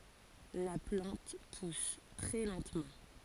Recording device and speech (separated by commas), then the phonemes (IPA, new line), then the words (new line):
forehead accelerometer, read sentence
la plɑ̃t pus tʁɛ lɑ̃tmɑ̃
La plante pousse très lentement.